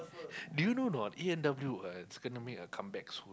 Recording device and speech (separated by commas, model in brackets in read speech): close-talking microphone, conversation in the same room